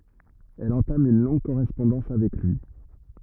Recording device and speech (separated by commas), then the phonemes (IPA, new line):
rigid in-ear microphone, read sentence
ɛl ɑ̃tam yn lɔ̃ɡ koʁɛspɔ̃dɑ̃s avɛk lyi